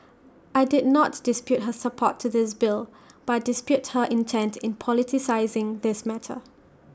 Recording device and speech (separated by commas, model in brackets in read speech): standing microphone (AKG C214), read sentence